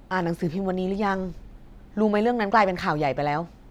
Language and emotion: Thai, frustrated